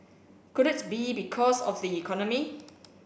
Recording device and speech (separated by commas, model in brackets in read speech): boundary microphone (BM630), read sentence